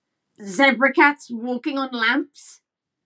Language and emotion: English, disgusted